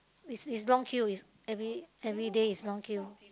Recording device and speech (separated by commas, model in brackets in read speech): close-talking microphone, conversation in the same room